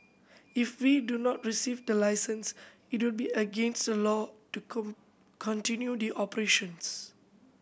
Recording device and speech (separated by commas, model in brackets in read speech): boundary microphone (BM630), read sentence